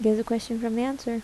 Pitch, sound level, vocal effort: 230 Hz, 76 dB SPL, soft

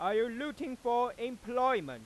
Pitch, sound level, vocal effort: 240 Hz, 103 dB SPL, very loud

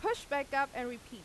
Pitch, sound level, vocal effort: 275 Hz, 93 dB SPL, loud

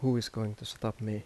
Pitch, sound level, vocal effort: 110 Hz, 80 dB SPL, soft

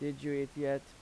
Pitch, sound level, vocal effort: 140 Hz, 85 dB SPL, normal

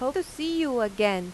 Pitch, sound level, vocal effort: 260 Hz, 91 dB SPL, loud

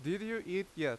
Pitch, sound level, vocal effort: 190 Hz, 89 dB SPL, very loud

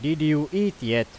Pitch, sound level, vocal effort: 150 Hz, 93 dB SPL, very loud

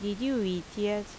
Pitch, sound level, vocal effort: 210 Hz, 81 dB SPL, loud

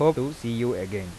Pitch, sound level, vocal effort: 120 Hz, 88 dB SPL, normal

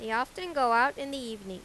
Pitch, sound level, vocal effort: 245 Hz, 93 dB SPL, loud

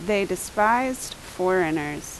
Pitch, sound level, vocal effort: 185 Hz, 83 dB SPL, loud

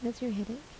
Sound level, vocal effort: 75 dB SPL, soft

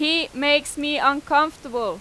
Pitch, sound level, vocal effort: 290 Hz, 94 dB SPL, very loud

